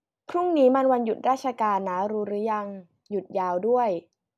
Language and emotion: Thai, neutral